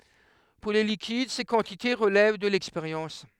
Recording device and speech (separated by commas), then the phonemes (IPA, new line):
headset microphone, read sentence
puʁ le likid se kɑ̃tite ʁəlɛv də lɛkspeʁjɑ̃s